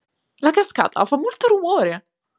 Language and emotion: Italian, happy